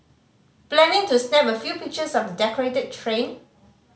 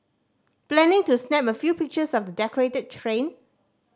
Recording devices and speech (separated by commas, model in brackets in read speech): mobile phone (Samsung C5010), standing microphone (AKG C214), read sentence